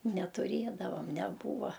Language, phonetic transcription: Lithuanian, netuˈrėdavam neˈbūva

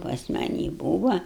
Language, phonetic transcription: Lithuanian, pas maˈnį ˈbūva

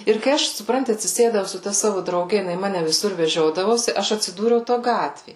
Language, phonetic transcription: Lithuanian, ir kai ˈaš suˈpranti atsiˈsėdau su ˈta ˈsavu drauˈge jiˈnai ˈmane viˈsur veˈžiodavosi ˈaš atsiˈdūriau ˈto ˈgatvė

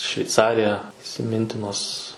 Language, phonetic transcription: Lithuanian, šveiˈcarija isiˈmintinos

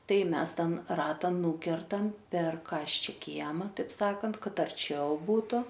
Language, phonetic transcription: Lithuanian, ˈtai ˈmes ˈten ˈrata ˈnūkertam per ˈkasčia ˈkiema taip ˈsakant ˈkad arˈčiau ˈbūtu

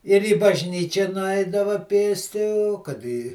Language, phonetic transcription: Lithuanian, ir į bažˈnyčia nuˈaidava ˈpėsti o kad i

